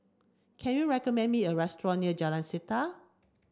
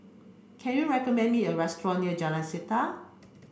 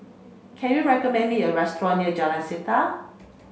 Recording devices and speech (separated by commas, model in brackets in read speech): standing microphone (AKG C214), boundary microphone (BM630), mobile phone (Samsung C5), read sentence